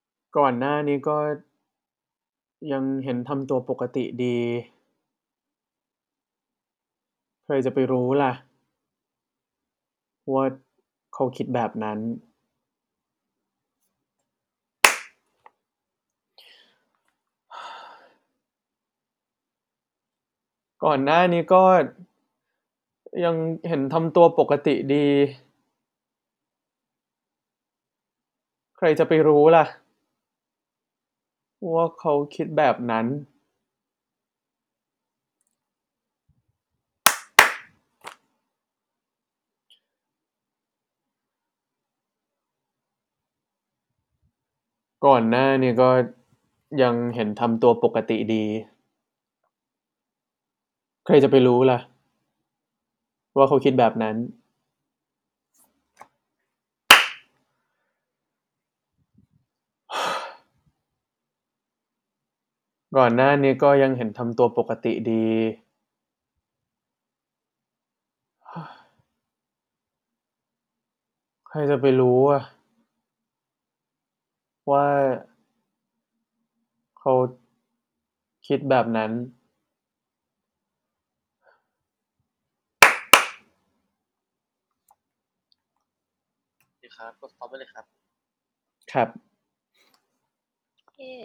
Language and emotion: Thai, frustrated